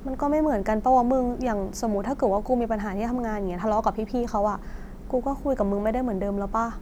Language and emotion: Thai, neutral